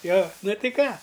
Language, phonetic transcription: Lithuanian, jo nu ti ˈką

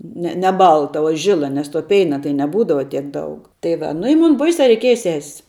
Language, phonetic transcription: Lithuanian, ˈne ne ˈbalta o ˈžila nes to ˈpeina tai neˈbūdava tiek ˈdaug tai ˈva nu i ˈmun ˈbaisia reiˈkieja ses'

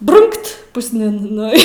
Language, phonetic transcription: Lithuanian, ˈbrunkt pusˈnin ˈnu i

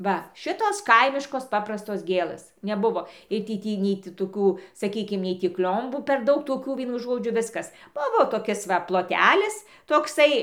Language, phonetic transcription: Lithuanian, ˈva ˈšitos ˈkaimiškos ˈpaprastos ˈgėlɘs neˈbuvo ˈir tį ˈtį nei ˈti toˈkų saˈkykim ˈnei tį ˈk'l'ombų per ˈdaug toˈkių ˈvienu ˈžodžiu ˈviskas ˈbuvo toˈkis va ploˈtelis tokˈsai

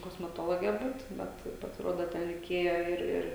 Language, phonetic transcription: Lithuanian, kosmeˈtologe ˈbūt ˈbet pasiˈruodo ˈten reiˈkėja ˈir ˈir

